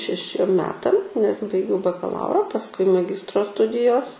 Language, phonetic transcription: Lithuanian, šeˈšiem ˈmetam nes baiˈgiau bakaˈlaura pasˈkui maˈgistro ˈstudijos

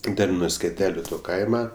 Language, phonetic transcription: Lithuanian, ˈten nu skeˈteliu to ˈkaima

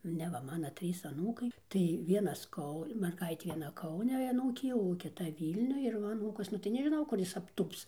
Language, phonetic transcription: Lithuanian, neˈ va ˈmano ˈtrys aˈnūkai tai ˈvienas ˈkau merˈgaitė vieˈna ˈkaune aˈnūkė jau o kiˈta ˈvylniuj ir ˈva aˈnūkas ˈnu tai nežiˈnau kur ˈjis apˈtūps

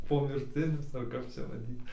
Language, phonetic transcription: Lithuanian, pomirˈtinius ar ˈkap čia vaˈdyt

